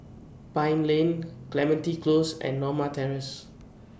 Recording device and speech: boundary microphone (BM630), read sentence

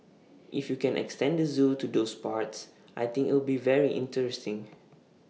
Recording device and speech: mobile phone (iPhone 6), read sentence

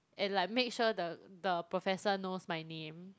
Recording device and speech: close-talking microphone, conversation in the same room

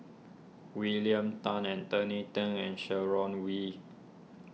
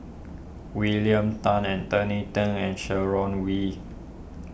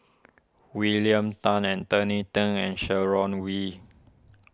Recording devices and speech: mobile phone (iPhone 6), boundary microphone (BM630), standing microphone (AKG C214), read sentence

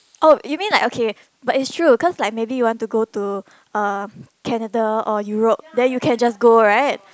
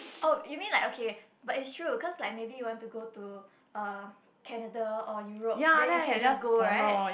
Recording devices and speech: close-talking microphone, boundary microphone, conversation in the same room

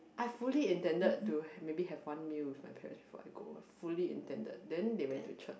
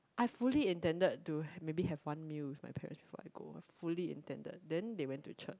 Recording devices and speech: boundary microphone, close-talking microphone, conversation in the same room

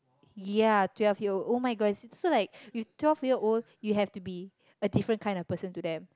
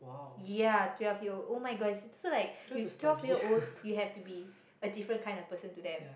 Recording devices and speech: close-talking microphone, boundary microphone, conversation in the same room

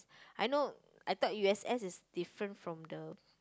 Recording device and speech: close-talking microphone, conversation in the same room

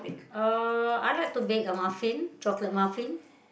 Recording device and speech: boundary microphone, conversation in the same room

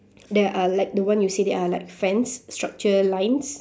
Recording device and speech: standing microphone, conversation in separate rooms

